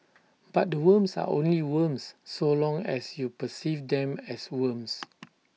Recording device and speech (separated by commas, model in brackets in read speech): mobile phone (iPhone 6), read sentence